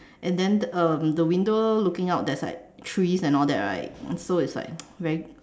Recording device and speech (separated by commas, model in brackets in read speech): standing microphone, conversation in separate rooms